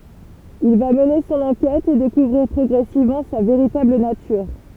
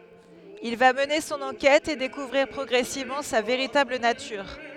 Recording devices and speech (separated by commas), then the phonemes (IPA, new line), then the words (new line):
temple vibration pickup, headset microphone, read sentence
il va məne sɔ̃n ɑ̃kɛt e dekuvʁiʁ pʁɔɡʁɛsivmɑ̃ sa veʁitabl natyʁ
Il va mener son enquête et découvrir progressivement sa véritable nature.